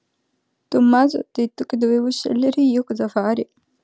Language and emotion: Italian, sad